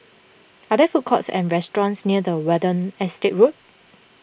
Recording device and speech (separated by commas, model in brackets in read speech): boundary microphone (BM630), read sentence